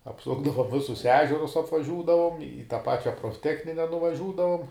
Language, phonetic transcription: Lithuanian, apˈsukdavom ˈvisus ˈežerus apvaˈžiūdavom i tą ˈpačia profˈtechnine nuvaˈžiūdavom

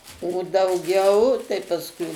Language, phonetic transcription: Lithuanian, o dauˈgiau tai pasˈkui

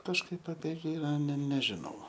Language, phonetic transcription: Lithuanian, kažˈkaip apie ˈgirą ne neˈžinau

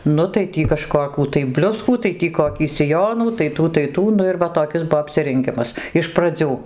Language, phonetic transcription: Lithuanian, ˈnu tai ˈtį kaˈžkokių tai ˈbliuskų tai ˈtį koˈkį siˈjonų tai ˈtų tai ˈtų ˈnu ir ˈva toˈkis ˈbuo apsirenˈgimas iš praˈdzių

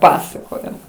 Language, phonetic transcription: Lithuanian, ˈpasakojo

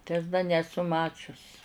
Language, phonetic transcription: Lithuanian, tai as da neˈsu ˈmačius

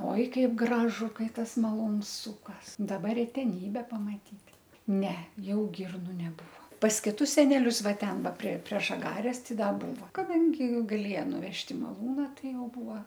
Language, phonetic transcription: Lithuanian, ˈoi ˈkaip ˈgražu ˈkai ˈtas maˈlūns ˈsūkas daˈba reteˈnybe pamaˈtyt' ˈne ˈjau ˈgirnu neˈbūvo pas kiˈtus seˈnelius ˈva ˈten ˈva prie prie žaˈgares ˈtai ˈda ˈbūva kaˈdangi gaˈlėja nuˈvežt' i maˈlūna ˈtai ˈjau ˈbūo

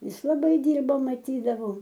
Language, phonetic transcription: Lithuanian, ˈjis laˈbai ˈdyrba maˈtydavau

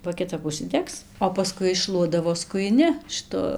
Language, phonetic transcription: Lithuanian, ba kiˈtap užsiˈdegs o paˈskui išˈšluodavo skujiˈni šɨˈtu

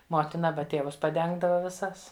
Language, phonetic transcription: Lithuanian, ˈmotina ˈaba ˈtėvus paˈdengdava viˈsas

